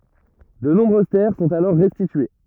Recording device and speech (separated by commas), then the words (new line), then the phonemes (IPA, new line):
rigid in-ear microphone, read sentence
De nombreuses terres sont alors restituées.
də nɔ̃bʁøz tɛʁ sɔ̃t alɔʁ ʁɛstitye